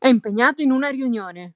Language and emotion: Italian, angry